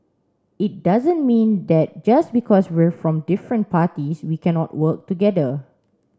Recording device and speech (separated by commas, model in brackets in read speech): standing microphone (AKG C214), read sentence